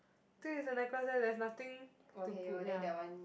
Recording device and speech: boundary microphone, conversation in the same room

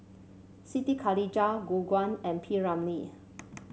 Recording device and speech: mobile phone (Samsung C7), read sentence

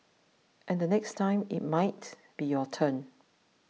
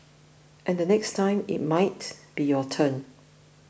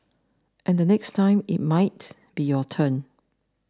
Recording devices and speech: mobile phone (iPhone 6), boundary microphone (BM630), standing microphone (AKG C214), read sentence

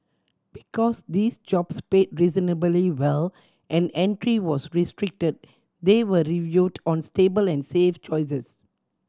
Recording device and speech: standing microphone (AKG C214), read sentence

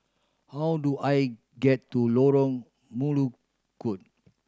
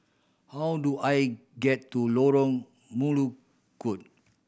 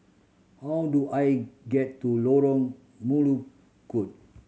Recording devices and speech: standing microphone (AKG C214), boundary microphone (BM630), mobile phone (Samsung C7100), read sentence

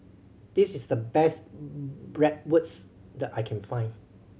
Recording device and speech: mobile phone (Samsung C7100), read sentence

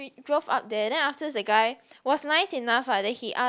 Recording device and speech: close-talking microphone, conversation in the same room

